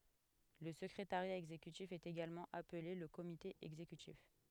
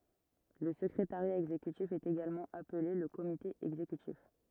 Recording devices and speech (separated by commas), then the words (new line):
headset microphone, rigid in-ear microphone, read sentence
Le secrétariat exécutif est également appelé le Comité exécutif.